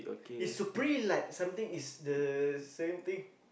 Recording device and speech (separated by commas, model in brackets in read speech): boundary microphone, conversation in the same room